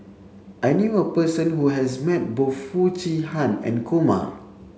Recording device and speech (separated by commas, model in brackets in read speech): mobile phone (Samsung C7), read sentence